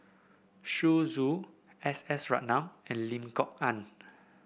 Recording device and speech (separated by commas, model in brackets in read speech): boundary microphone (BM630), read sentence